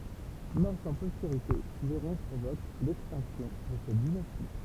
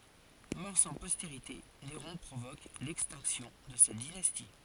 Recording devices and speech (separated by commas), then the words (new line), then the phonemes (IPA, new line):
temple vibration pickup, forehead accelerometer, read sentence
Mort sans postérité, Néron provoque l'extinction de cette dynastie.
mɔʁ sɑ̃ pɔsteʁite neʁɔ̃ pʁovok lɛkstɛ̃ksjɔ̃ də sɛt dinasti